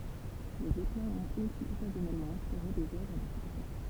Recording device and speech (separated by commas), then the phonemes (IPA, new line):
temple vibration pickup, read sentence
le zɛplɛ̃z ɔ̃t osi ɔkazjɔnɛlmɑ̃ ɛ̃spiʁe dez œvʁ də fiksjɔ̃